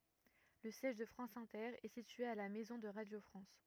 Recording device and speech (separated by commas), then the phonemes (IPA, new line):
rigid in-ear microphone, read sentence
lə sjɛʒ də fʁɑ̃s ɛ̃tɛʁ ɛ sitye a la mɛzɔ̃ də ʁadjo fʁɑ̃s